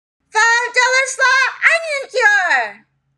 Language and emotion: English, surprised